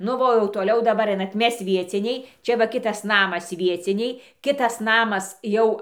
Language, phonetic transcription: Lithuanian, nu ˈva o jau toˈliau daˈbar ˈainat ˈmes ˈvieciniai ˈčia va ˈkitas ˈnamas ˈvieciniai ˈkitas ˈnamas ˈjau

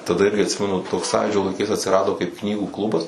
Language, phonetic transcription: Lithuanian, taˈda ˈirgi atˈsimenu ˈtoks ˈsąjūdžio laiˈkais atsiˈrado kaip ˈknygų ˈklubas

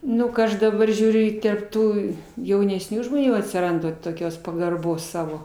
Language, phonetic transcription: Lithuanian, ˈnu ka ˈaš daˈbar žiūˈriu i terp ˈtų jaunesˈnių žmoˈnių atsiˈranda toˈkios pagarˈbos ˈsavo

